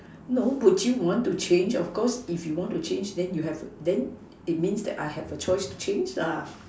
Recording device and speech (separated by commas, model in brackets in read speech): standing microphone, conversation in separate rooms